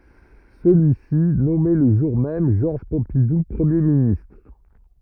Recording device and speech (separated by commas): rigid in-ear microphone, read sentence